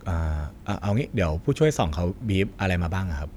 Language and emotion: Thai, neutral